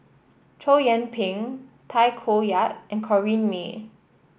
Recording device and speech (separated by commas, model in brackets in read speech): boundary microphone (BM630), read sentence